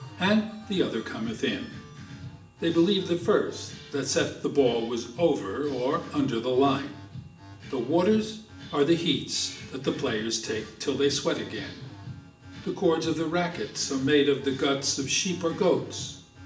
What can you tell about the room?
A sizeable room.